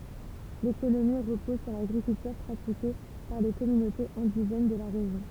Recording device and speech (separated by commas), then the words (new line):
temple vibration pickup, read sentence
L'économie repose sur l'agriculture pratiquée par les communautés indigènes de la région.